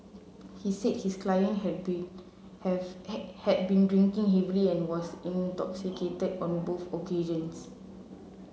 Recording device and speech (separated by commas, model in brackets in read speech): mobile phone (Samsung C7), read sentence